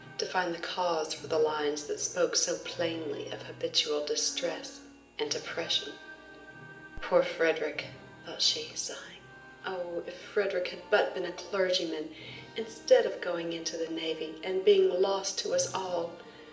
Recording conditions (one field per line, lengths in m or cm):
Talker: one person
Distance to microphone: 1.8 m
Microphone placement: close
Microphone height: 1.0 m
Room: large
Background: music